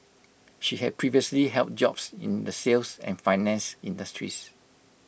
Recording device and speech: boundary microphone (BM630), read sentence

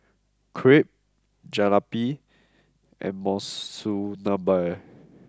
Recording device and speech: close-talking microphone (WH20), read sentence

